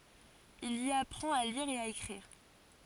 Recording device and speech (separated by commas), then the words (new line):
forehead accelerometer, read sentence
Il y apprend à lire et à écrire.